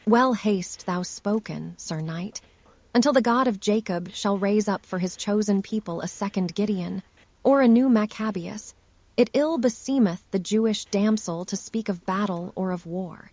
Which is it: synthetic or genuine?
synthetic